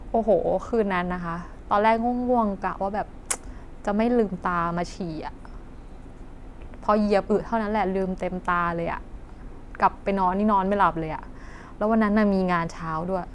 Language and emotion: Thai, frustrated